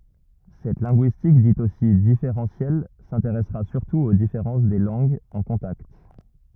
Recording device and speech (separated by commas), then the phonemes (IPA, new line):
rigid in-ear microphone, read sentence
sɛt lɛ̃ɡyistik dit osi difeʁɑ̃sjɛl sɛ̃teʁɛsʁa syʁtu o difeʁɑ̃s de lɑ̃ɡz ɑ̃ kɔ̃takt